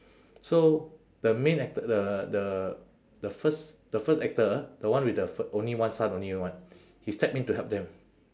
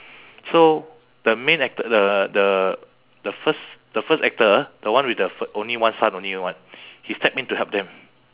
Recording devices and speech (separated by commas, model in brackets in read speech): standing microphone, telephone, conversation in separate rooms